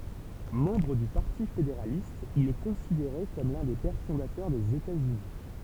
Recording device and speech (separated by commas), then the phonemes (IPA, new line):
temple vibration pickup, read sentence
mɑ̃bʁ dy paʁti fedeʁalist il ɛ kɔ̃sideʁe kɔm lœ̃ de pɛʁ fɔ̃datœʁ dez etatsyni